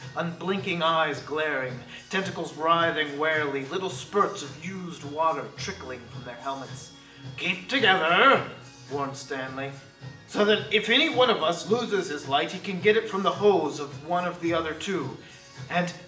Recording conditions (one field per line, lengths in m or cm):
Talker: one person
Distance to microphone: 1.8 m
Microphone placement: close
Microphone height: 1.0 m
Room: large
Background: music